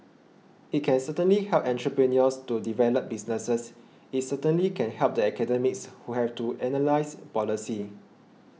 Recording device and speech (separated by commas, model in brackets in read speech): mobile phone (iPhone 6), read sentence